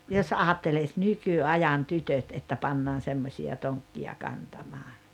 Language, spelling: Finnish, jos ajattelisi nykyajan tytöt että pannaan semmoisia tonkkia kantamaan
- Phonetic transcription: jos aattelis "nyky₍ajan "tytöt että pannaan 'semmośi₍a "toŋkki₍a "kantamaa .

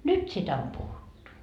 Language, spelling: Finnish, nyt sitä on puhuttu
- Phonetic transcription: "nyt sitä om 'puhuttu .

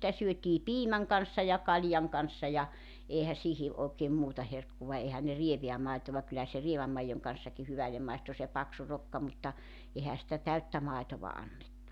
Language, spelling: Finnish, sitä syötiin piimän kanssa ja kaljan kanssa ja eihän siihen oikein muuta herkkua eihän ne rievää maitoa kyllä se rievän maidon kanssakin hyvälle maistui se paksu rokka mutta eihän sitä täyttä maitoa annettu
- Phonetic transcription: sⁱtä 'syötii "piimäŋ kanssa ja , 'kaĺjaŋ kanssa ja , 'eehä 'sihi , ookeem 'muuta 'herkkuva 'ehän ne 'rieveä 'maitova kyllä se 'rieväm maijoŋ kan̬ssaki 'hyvällem maistu se 'paksu 'rokka mutta , 'ehä sitä "täyttä 'maitova 'annettu .

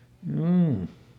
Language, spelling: Finnish, juu
- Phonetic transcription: ˈm̥juu .

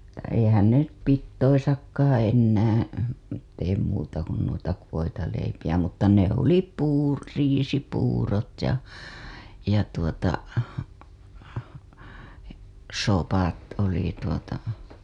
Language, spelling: Finnish, - eihän ne nyt pidoissakaan enää tee muuta kuin noita voitaleipiä mutta ne oli - riisipuurot ja ja tuota sopat oli tuota
- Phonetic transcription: -tä eihän ne nyt 'pittoisakkaaa̰ ennää , teem muuta kun nuita , voitaleipijä mutta ne ‿oli puu- , 'riisipuurot ja , ja tuota , 'sopat oli tuota .

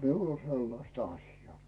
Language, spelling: Finnish, minulla on sellaista asiaa
- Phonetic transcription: miul ‿o 'sellaⁱsta 'aśjaa .

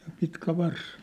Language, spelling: Finnish, ja pitkä varsi
- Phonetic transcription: ja pitkä vars .

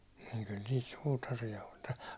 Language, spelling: Finnish, - kyllä niitä suutareita oli -
- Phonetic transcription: n- kyl niit 'suutarija oĺ tä- ,.

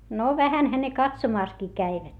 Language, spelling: Finnish, no vähänhän ne katsomassakin kävivät
- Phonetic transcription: no vähänhä ne katsomàskii käivät .

